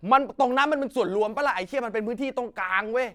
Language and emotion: Thai, angry